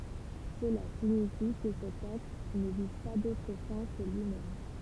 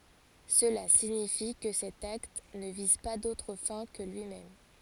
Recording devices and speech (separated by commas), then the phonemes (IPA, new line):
temple vibration pickup, forehead accelerometer, read sentence
səla siɲifi kə sɛt akt nə viz pa dotʁ fɛ̃ kə lyimɛm